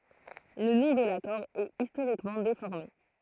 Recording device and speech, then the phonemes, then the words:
throat microphone, read sentence
lə nɔ̃ də lakɔʁ ɛt istoʁikmɑ̃ defɔʁme
Le nom de l'accord est historiquement déformé.

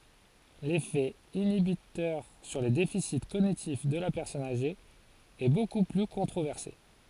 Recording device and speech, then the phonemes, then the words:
forehead accelerometer, read sentence
lefɛ inibitœʁ syʁ le defisi koɲitif də la pɛʁsɔn aʒe ɛ boku ply kɔ̃tʁovɛʁse
L'effet inhibiteur sur les déficits cognitifs de la personne âgée est beaucoup plus controversé.

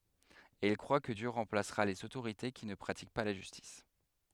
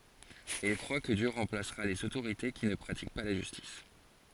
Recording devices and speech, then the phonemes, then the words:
headset microphone, forehead accelerometer, read sentence
e il kʁwa kə djø ʁɑ̃plasʁa lez otoʁite ki nə pʁatik pa la ʒystis
Et il croit que Dieu remplacera les autorités qui ne pratiquent pas la justice.

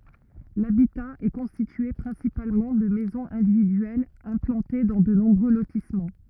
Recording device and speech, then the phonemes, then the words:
rigid in-ear microphone, read sentence
labita ɛ kɔ̃stitye pʁɛ̃sipalmɑ̃ də mɛzɔ̃z ɛ̃dividyɛlz ɛ̃plɑ̃te dɑ̃ də nɔ̃bʁø lotismɑ̃
L'habitat est constitué principalement de maisons individuelles implantées dans de nombreux lotissements.

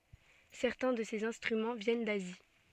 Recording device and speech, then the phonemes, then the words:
soft in-ear microphone, read sentence
sɛʁtɛ̃ də sez ɛ̃stʁymɑ̃ vjɛn dazi
Certains de ces instruments viennent d'Asie.

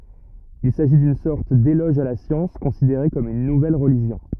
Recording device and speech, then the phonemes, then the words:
rigid in-ear microphone, read sentence
il saʒi dyn sɔʁt delɔʒ a la sjɑ̃s kɔ̃sideʁe kɔm yn nuvɛl ʁəliʒjɔ̃
Il s’agit d’une sorte d’éloge à la science, considérée comme une nouvelle religion.

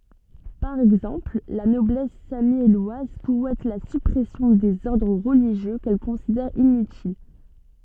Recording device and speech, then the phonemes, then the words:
soft in-ear microphone, read sentence
paʁ ɛɡzɑ̃pl la nɔblɛs samjɛlwaz suɛt la sypʁɛsjɔ̃ dez ɔʁdʁ ʁəliʒjø kɛl kɔ̃sidɛʁ inytil
Par exemple, la Noblesse sammielloise souhaite la suppression des ordres religieux qu'elle considère inutiles.

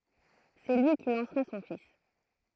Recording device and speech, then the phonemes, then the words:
throat microphone, read sentence
sɛ lyi ki lɑ̃sʁa sɔ̃ fis
C’est lui qui lancera son fils.

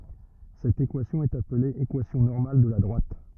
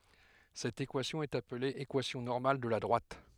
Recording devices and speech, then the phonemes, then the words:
rigid in-ear microphone, headset microphone, read sentence
sɛt ekwasjɔ̃ ɛt aple ekwasjɔ̃ nɔʁmal də la dʁwat
Cette équation est appelée équation normale de la droite.

